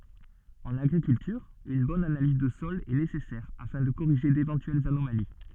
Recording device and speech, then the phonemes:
soft in-ear microphone, read sentence
ɑ̃n aɡʁikyltyʁ yn bɔn analiz də sɔl ɛ nesɛsɛʁ afɛ̃ də koʁiʒe devɑ̃tyɛlz anomali

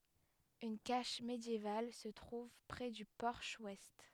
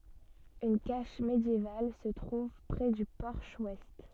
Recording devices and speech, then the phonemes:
headset microphone, soft in-ear microphone, read sentence
yn kaʃ medjeval sə tʁuv pʁɛ dy pɔʁʃ wɛst

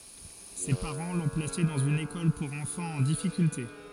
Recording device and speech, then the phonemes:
forehead accelerometer, read sentence
se paʁɑ̃ lɔ̃ plase dɑ̃z yn ekɔl puʁ ɑ̃fɑ̃z ɑ̃ difikylte

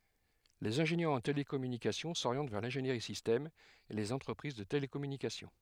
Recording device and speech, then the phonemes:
headset microphone, read sentence
lez ɛ̃ʒenjœʁz ɑ̃ telekɔmynikasjɔ̃ soʁjɑ̃t vɛʁ lɛ̃ʒeniʁi sistɛm e lez ɑ̃tʁəpʁiz də telekɔmynikasjɔ̃

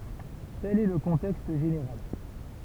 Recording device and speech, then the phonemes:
temple vibration pickup, read sentence
tɛl ɛ lə kɔ̃tɛkst ʒeneʁal

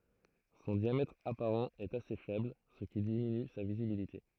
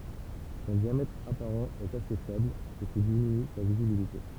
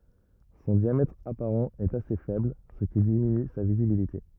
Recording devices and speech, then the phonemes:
throat microphone, temple vibration pickup, rigid in-ear microphone, read sentence
sɔ̃ djamɛtʁ apaʁɑ̃ ɛt ase fɛbl sə ki diminy sa vizibilite

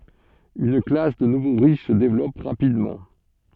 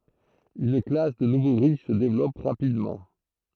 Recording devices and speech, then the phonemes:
soft in-ear microphone, throat microphone, read sentence
yn klas də nuvo ʁiʃ sə devlɔp ʁapidmɑ̃

